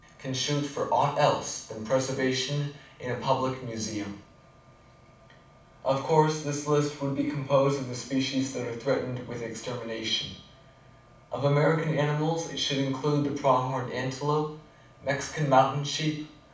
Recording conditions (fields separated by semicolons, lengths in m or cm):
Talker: one person; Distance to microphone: 5.8 m; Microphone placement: far; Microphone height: 1.8 m; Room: medium-sized (5.7 m by 4.0 m); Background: none